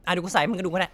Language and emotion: Thai, frustrated